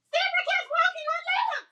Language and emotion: English, fearful